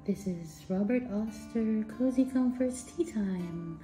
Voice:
marketing voice